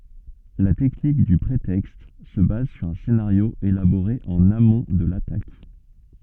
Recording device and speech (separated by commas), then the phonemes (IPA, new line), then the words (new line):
soft in-ear microphone, read sentence
la tɛknik dy pʁetɛkst sə baz syʁ œ̃ senaʁjo elaboʁe ɑ̃n amɔ̃ də latak
La technique du prétexte se base sur un scénario élaboré en amont de l’attaque.